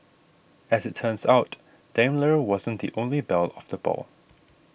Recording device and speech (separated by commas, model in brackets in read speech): boundary microphone (BM630), read sentence